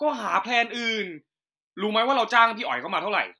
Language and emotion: Thai, angry